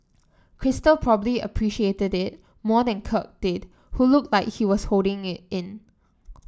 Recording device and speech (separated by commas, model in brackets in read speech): standing microphone (AKG C214), read sentence